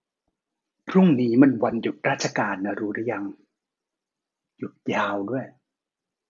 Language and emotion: Thai, frustrated